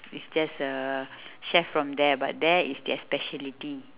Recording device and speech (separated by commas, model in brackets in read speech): telephone, conversation in separate rooms